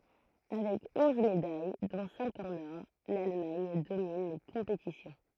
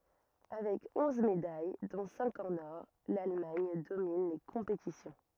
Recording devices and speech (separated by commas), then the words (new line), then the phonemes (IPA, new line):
throat microphone, rigid in-ear microphone, read sentence
Avec onze médailles, dont cinq en or, l'Allemagne domine les compétitions.
avɛk ɔ̃z medaj dɔ̃ sɛ̃k ɑ̃n ɔʁ lalmaɲ domin le kɔ̃petisjɔ̃